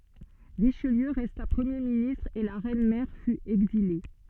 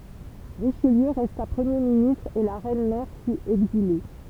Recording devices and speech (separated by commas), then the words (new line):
soft in-ear microphone, temple vibration pickup, read sentence
Richelieu resta Premier ministre et la reine mère fut exilée.